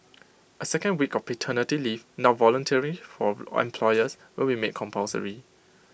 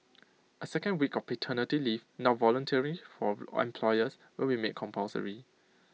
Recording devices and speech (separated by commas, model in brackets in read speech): boundary microphone (BM630), mobile phone (iPhone 6), read sentence